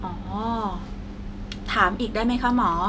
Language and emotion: Thai, neutral